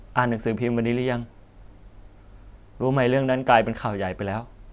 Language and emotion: Thai, neutral